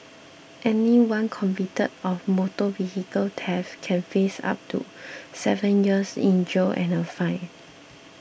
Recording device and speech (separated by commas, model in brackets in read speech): boundary microphone (BM630), read sentence